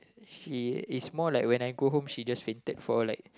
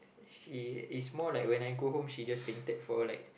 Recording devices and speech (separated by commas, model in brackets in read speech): close-talking microphone, boundary microphone, conversation in the same room